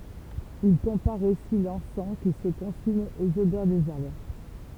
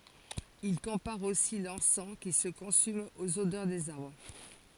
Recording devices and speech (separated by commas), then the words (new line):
temple vibration pickup, forehead accelerometer, read sentence
Il compare aussi l'encens qui se consume aux odeurs des arbres.